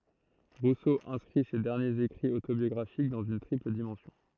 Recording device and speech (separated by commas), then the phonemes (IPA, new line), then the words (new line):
throat microphone, read sentence
ʁuso ɛ̃skʁi se dɛʁnjez ekʁiz otobjɔɡʁafik dɑ̃z yn tʁipl dimɑ̃sjɔ̃
Rousseau inscrit ces derniers écrits autobiographiques dans une triple dimension.